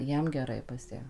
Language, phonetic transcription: Lithuanian, ˈjiem geˈrai pas ˈją

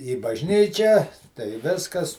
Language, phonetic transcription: Lithuanian, į bažˈnyčią tai ˈviskas

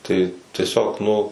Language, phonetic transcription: Lithuanian, tai tieˈsiog ˈnu

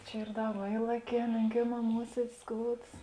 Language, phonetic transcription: Lithuanian, ˈčia ˈyr ˈda va ˈylaˌkē lėnˈkėˌmā ˈmuosiedis ˈskouds

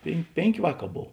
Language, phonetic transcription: Lithuanian, pėn ˈpėnˌkė ˈvāˌkā ˈbov

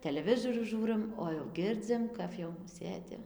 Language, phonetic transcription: Lithuanian, teleˈvizorių ˈžūrɨm o jau ˈgirdzim kaf jau ˈsėdi

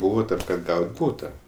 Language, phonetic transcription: Lithuanian, ˈbūva ˈtam kad ˈgaut' ˈbūta

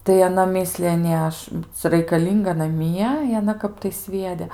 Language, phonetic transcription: Lithuanian, tai aˈna ˈmislija ˈnė ˈaš ˈcia raikaˈlynga naˈmie i aˈna ˈkap tai ˈsviede

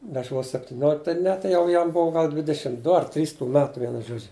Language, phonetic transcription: Lithuanian, aš vos septiˈniolik tai ˈne tai ˈjau jam ˈbuo ˈgal ˈdvidešim ˈdu ar ˈtrys tų ˈmetų ˈvienu ˈžodžiu

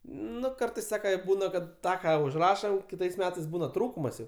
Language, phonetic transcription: Lithuanian, ˈnu ˈkartais ˈsaka ˈbūna kad ˈtą ˈką užˈrašam ˈkitais ˈmetais ˈbūna ˈtrūkumas jau

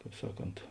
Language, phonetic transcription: Lithuanian, ˈkāp ˈsaˌkont

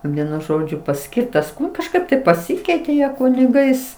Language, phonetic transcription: Lithuanian, ˈvienu ˈžodžiu paˈskirtas kažˈkaip tai paˈsikeitė ˈjie kuniˈgais

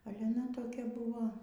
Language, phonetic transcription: Lithuanian, ˈale aˈna toˈkia ˈbuvo

